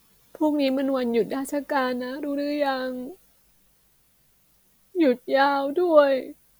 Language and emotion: Thai, sad